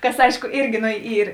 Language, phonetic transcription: Lithuanian, ˈkas ˈaišku ˈirgi ˈno ˈyr

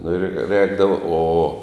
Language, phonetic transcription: Lithuanian, nu ir ˈrēkdavo o

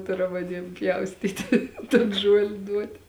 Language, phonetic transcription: Lithuanian, ˈturam aˈniem ˈpjaustyti ton ˈžuoli ˈduoti

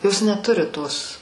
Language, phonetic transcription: Lithuanian, ˈjos neˈturi ˈtos

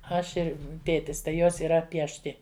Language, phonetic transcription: Lithuanian, ˈaš ˈir ˈtėtis tai ˈjos yˈra piešˈti

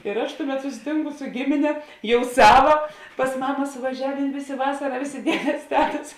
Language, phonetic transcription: Lithuanian, ir aš ˈtuˌmet susiˈtinku su ˈgimine ˈjau ˈsava pas ˈmama suvaˈžiavėn ˈvėˌsė ˈvasara ˈvėˌsė ˈdiedės ˈtetas

